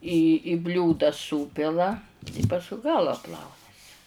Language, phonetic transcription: Lithuanian, į i ˈbliūda ˈsūpila i pasˈkui ˈgala ˈplaunesi

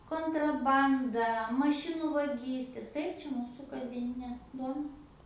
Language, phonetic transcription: Lithuanian, kontraˈbanda maˈšinu vaˈgystės ˈtaip ˈčia ˈmūsu kasdieˈninė ˈduona

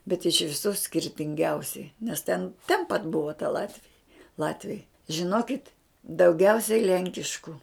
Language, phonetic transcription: Lithuanian, bet iš viˈsų skirtinˈgiausiai nes ten ten pat ˈbuva ta ˈlatvija ˈlatviai žiˈnokit dauˈgiausiai ˈlenkišku

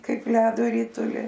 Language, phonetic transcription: Lithuanian, ˈkaip ˈledo ˈrituli

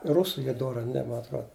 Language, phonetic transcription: Lithuanian, ˈrusų ˈy ˈdora a ˈne ma atˈrod

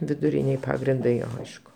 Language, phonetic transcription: Lithuanian, viduˈrinėj ˈpagrindai ˈaišku

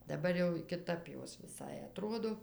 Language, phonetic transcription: Lithuanian, daˈbar jau kiˈtap ˈjos viˈsai aˈtrodo

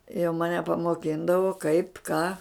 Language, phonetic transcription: Lithuanian, jau maˈne pamoˈkindavo kaip ką

